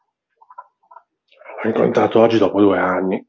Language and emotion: Italian, surprised